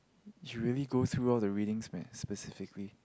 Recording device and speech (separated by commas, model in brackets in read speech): close-talking microphone, conversation in the same room